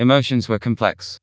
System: TTS, vocoder